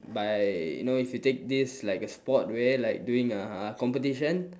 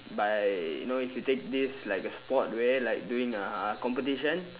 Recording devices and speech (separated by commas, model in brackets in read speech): standing microphone, telephone, conversation in separate rooms